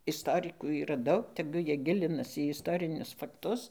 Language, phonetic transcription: Lithuanian, isˈtorikų yˈra ˈdaug teˈgu ˈjie ˈgilinas į isˈtorinius fakˈtus

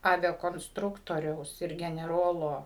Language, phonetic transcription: Lithuanian, ˌaviakonsˈtruktoriaus ir geneˈrolo

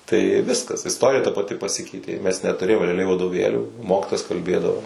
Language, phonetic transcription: Lithuanian, tai ˈviskas isˈtorija ta paˈti paˈsikeitė ˈmes netuˈrėjom reaˈliai vadoˈvėlių ˈmokytojas kalˈbėdavo

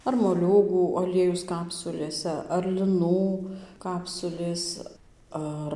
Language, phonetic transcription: Lithuanian, ar moˈliūgų aˈliejus ˈkapsulėse ar liˈnų ˈkapsulės ˈar

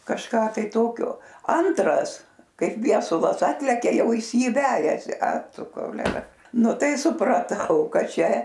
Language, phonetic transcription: Lithuanian, kažˈką tai ˈtokio ˈantras ˈkaip ˈviesulas ˈatlekia ˈjau ˈjis ˈjį ˈvejasi a ˈtu kouˈlera ˈnu ˈtai supraˈtau ˈkad ˈčia

